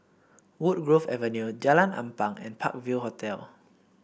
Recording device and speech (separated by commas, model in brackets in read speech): boundary microphone (BM630), read sentence